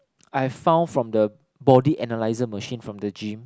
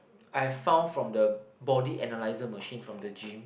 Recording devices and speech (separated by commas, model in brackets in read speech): close-talking microphone, boundary microphone, conversation in the same room